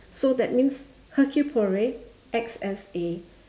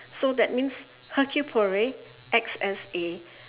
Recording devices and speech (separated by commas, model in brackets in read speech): standing microphone, telephone, conversation in separate rooms